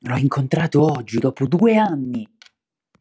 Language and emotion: Italian, surprised